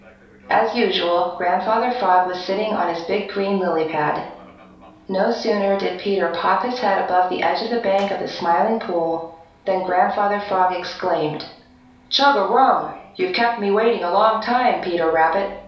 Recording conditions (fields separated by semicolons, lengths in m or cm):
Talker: one person; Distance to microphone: 3.0 m; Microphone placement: far; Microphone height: 1.8 m; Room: small (3.7 m by 2.7 m); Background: television